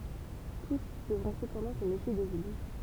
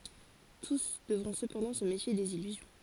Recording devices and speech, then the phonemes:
temple vibration pickup, forehead accelerometer, read sentence
tus dəvʁɔ̃ səpɑ̃dɑ̃ sə mefje dez ilyzjɔ̃

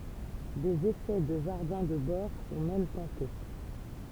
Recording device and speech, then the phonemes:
temple vibration pickup, read sentence
dez esɛ də ʒaʁdɛ̃ də bɔʁ sɔ̃ mɛm tɑ̃te

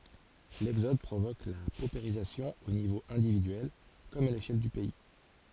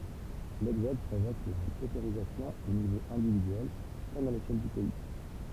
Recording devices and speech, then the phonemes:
forehead accelerometer, temple vibration pickup, read sentence
lɛɡzɔd pʁovok la popeʁizasjɔ̃ o nivo ɛ̃dividyɛl kɔm a leʃɛl dy pɛi

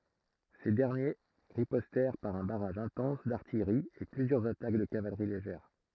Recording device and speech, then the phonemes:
throat microphone, read sentence
se dɛʁnje ʁipɔstɛʁ paʁ œ̃ baʁaʒ ɛ̃tɑ̃s daʁtijʁi e plyzjœʁz atak də kavalʁi leʒɛʁ

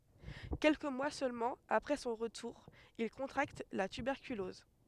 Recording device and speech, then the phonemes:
headset microphone, read sentence
kɛlkə mwa sølmɑ̃ apʁɛ sɔ̃ ʁətuʁ il kɔ̃tʁakt la tybɛʁkylɔz

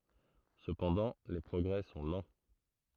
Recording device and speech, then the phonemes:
throat microphone, read sentence
səpɑ̃dɑ̃ le pʁɔɡʁɛ sɔ̃ lɑ̃

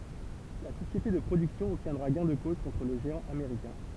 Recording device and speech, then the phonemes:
temple vibration pickup, read sentence
la sosjete də pʁodyksjɔ̃ ɔbtjɛ̃dʁa ɡɛ̃ də koz kɔ̃tʁ lə ʒeɑ̃ ameʁikɛ̃

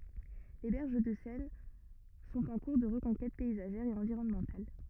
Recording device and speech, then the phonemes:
rigid in-ear microphone, read sentence
le bɛʁʒ də sɛn sɔ̃t ɑ̃ kuʁ də ʁəkɔ̃kɛt pɛizaʒɛʁ e ɑ̃viʁɔnmɑ̃tal

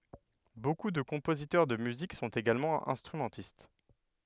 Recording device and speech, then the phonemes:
headset microphone, read sentence
boku də kɔ̃pozitœʁ də myzik sɔ̃t eɡalmɑ̃ ɛ̃stʁymɑ̃tist

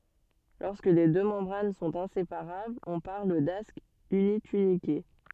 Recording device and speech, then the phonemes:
soft in-ear microphone, read sentence
lɔʁskə le dø mɑ̃bʁan sɔ̃t ɛ̃sepaʁablz ɔ̃ paʁl dask ynitynike

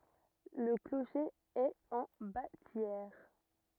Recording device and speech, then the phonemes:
rigid in-ear microphone, read sentence
lə kloʃe ɛt ɑ̃ batjɛʁ

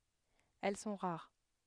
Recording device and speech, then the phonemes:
headset microphone, read sentence
ɛl sɔ̃ ʁaʁ

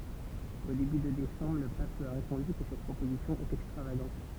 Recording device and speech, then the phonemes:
temple vibration pickup, read sentence
o deby də desɑ̃bʁ lə pap lyi a ʁepɔ̃dy kə sɛt pʁopozisjɔ̃ ɛt ɛkstʁavaɡɑ̃t

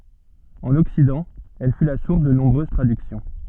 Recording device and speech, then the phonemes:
soft in-ear microphone, read sentence
ɑ̃n ɔksidɑ̃ ɛl fy la suʁs də nɔ̃bʁøz tʁadyksjɔ̃

